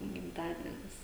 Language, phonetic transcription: Lithuanian, gimˈtadienis

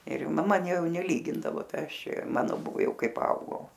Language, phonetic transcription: Lithuanian, ir maˈma ˈjau neˈlygindavo ˈtai ˈaš ˈčia ˈjau ˈmano ˈbuvo ˈjau ˈkai paˈaugau

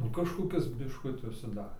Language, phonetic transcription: Lithuanian, nu kažkoˈkis bišˈkuti užsiˈdarė

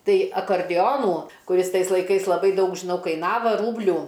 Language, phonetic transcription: Lithuanian, ˈtai akarˈdionų kuˈris ˈtais laiˈkais laˈbai ˈdaug žiˈnau kaiˈnava ˈrūblių

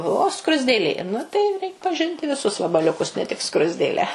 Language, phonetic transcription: Lithuanian, o o skruzdėˈlė ˈnu tai reik paˈžinti viˈsus vabaliuˈkus ne tik ˈskruzdėlę

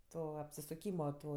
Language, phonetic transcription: Lithuanian, ˈto apsisuˈkymo ˈto

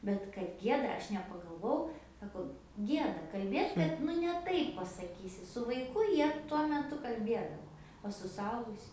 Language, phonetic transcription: Lithuanian, ˈbet kad ˈgieda ˈaš nepagalˈvojau ˈsako ˈgieda kalˈbėt ˈbet nu ne ˈtaip pasaˈkysi su vaiˈku ˈjie tuo meˈtu kalˈbiedavo o su suˈaugusiu

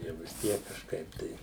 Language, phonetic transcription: Lithuanian, jau vis ˈtiek kažˈkaip tai

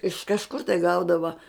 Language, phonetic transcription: Lithuanian, iš kažˈkur tai ˈgaudava

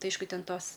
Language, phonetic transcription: Lithuanian, ˈtai ˈaišku ˈten ˈtos

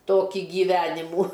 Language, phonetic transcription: Lithuanian, ˈtokį gyˈvenimų

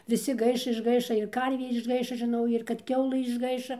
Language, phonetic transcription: Lithuanian, viˈsi ˈgaiš išˈgaiša ir ˈkarvė išˈgaiša žiˈnau ir kad ˈkiaulɘ išˈgaiša

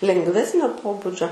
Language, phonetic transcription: Lithuanian, lengˈvesnio ˈpobudžio

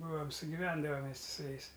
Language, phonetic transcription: Lithuanian, ˈbūom sugiˈvendavam mes ti su ˈjais

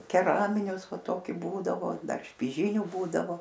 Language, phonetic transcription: Lithuanian, keˈraminius ˈva ˈtoki ˈbūdavo ˈdar špiˈžyniu ˈbūdavo

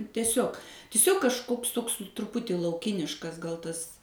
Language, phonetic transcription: Lithuanian, teˈsiog tiˈsiog kažˈkoks ˈtoks truˈputį lauˈkiniškas gal ˈtas

